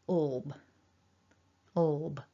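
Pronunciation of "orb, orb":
The back L sound heard in 'all' is followed straight away by a b sound, and the two are said together as one combination. The combination is said twice.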